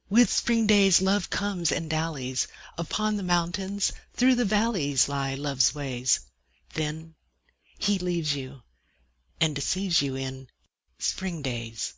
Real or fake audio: real